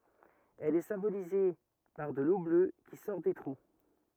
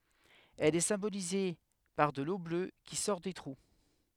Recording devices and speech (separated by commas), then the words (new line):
rigid in-ear microphone, headset microphone, read sentence
Elle est symbolisée par de l'eau bleue qui sort des trous.